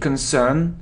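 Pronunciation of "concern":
'Concern' is pronounced incorrectly here.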